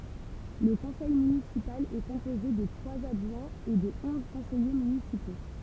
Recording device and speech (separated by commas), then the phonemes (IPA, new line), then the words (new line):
temple vibration pickup, read sentence
lə kɔ̃sɛj mynisipal ɛ kɔ̃poze də tʁwaz adʒwɛ̃z e də ɔ̃z kɔ̃sɛje mynisipo
Le conseil municipal est composé de trois adjoints et de onze conseillers municipaux.